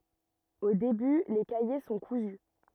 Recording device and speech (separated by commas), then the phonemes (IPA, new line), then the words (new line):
rigid in-ear microphone, read sentence
o deby le kaje sɔ̃ kuzy
Au début, les cahiers sont cousus.